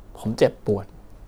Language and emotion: Thai, frustrated